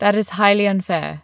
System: none